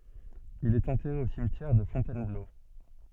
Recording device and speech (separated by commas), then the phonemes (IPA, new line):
soft in-ear microphone, read sentence
il ɛt ɑ̃tɛʁe o simtjɛʁ də fɔ̃tɛnblo